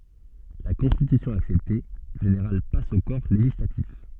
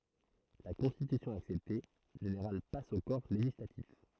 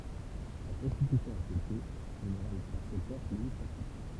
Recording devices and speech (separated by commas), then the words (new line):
soft in-ear microphone, throat microphone, temple vibration pickup, read sentence
La constitution acceptée, le général passe au Corps législatif.